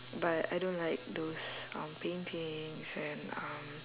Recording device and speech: telephone, conversation in separate rooms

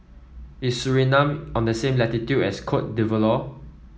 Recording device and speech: mobile phone (iPhone 7), read sentence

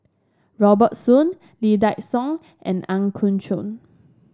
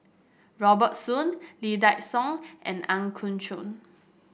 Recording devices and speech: standing microphone (AKG C214), boundary microphone (BM630), read sentence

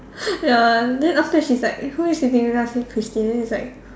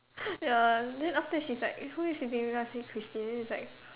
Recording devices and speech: standing microphone, telephone, conversation in separate rooms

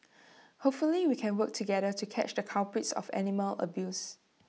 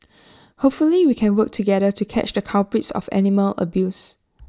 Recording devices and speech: mobile phone (iPhone 6), standing microphone (AKG C214), read sentence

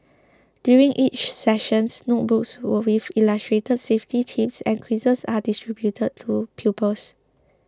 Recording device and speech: close-talking microphone (WH20), read sentence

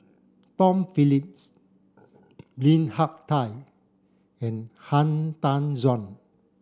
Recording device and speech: standing microphone (AKG C214), read sentence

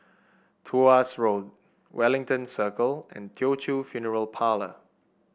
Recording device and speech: boundary microphone (BM630), read sentence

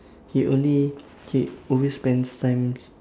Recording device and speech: standing microphone, conversation in separate rooms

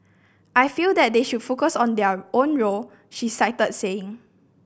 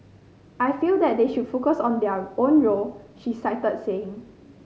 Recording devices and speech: boundary microphone (BM630), mobile phone (Samsung C5010), read sentence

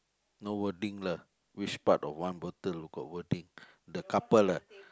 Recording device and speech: close-talking microphone, conversation in the same room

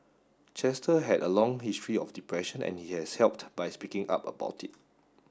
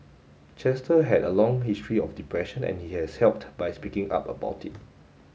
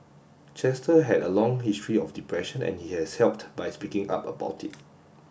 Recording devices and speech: standing microphone (AKG C214), mobile phone (Samsung S8), boundary microphone (BM630), read sentence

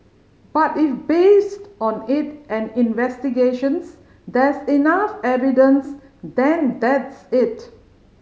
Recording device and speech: mobile phone (Samsung C5010), read sentence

